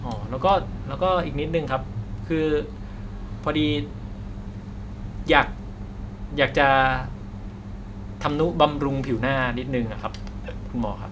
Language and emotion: Thai, neutral